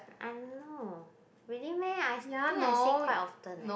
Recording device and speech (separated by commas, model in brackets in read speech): boundary microphone, conversation in the same room